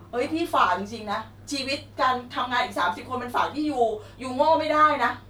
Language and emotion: Thai, frustrated